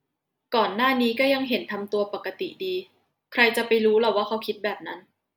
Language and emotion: Thai, neutral